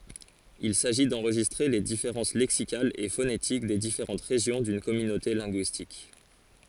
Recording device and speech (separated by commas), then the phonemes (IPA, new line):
forehead accelerometer, read sentence
il saʒi dɑ̃ʁʒistʁe le difeʁɑ̃s lɛksikalz e fonetik de difeʁɑ̃t ʁeʒjɔ̃ dyn kɔmynote lɛ̃ɡyistik